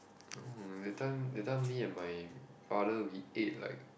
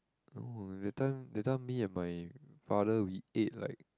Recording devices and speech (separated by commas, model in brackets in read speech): boundary microphone, close-talking microphone, conversation in the same room